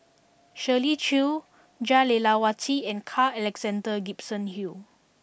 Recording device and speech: boundary microphone (BM630), read sentence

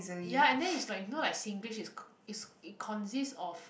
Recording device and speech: boundary microphone, conversation in the same room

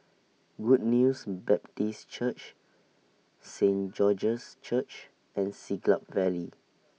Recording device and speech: mobile phone (iPhone 6), read sentence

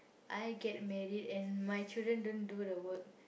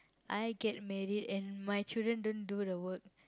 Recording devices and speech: boundary microphone, close-talking microphone, conversation in the same room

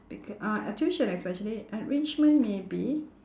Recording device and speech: standing microphone, conversation in separate rooms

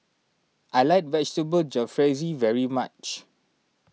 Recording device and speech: mobile phone (iPhone 6), read sentence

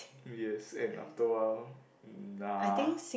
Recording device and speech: boundary microphone, conversation in the same room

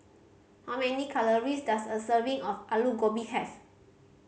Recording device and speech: mobile phone (Samsung C5010), read sentence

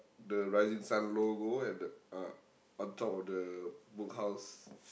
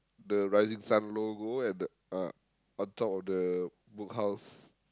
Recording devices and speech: boundary microphone, close-talking microphone, conversation in the same room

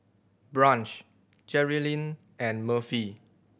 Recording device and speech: boundary microphone (BM630), read sentence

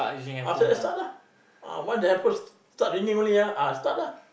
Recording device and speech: boundary microphone, conversation in the same room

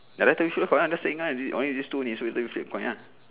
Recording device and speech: telephone, conversation in separate rooms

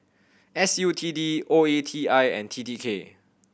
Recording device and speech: boundary microphone (BM630), read sentence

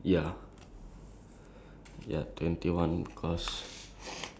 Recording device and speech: standing microphone, conversation in separate rooms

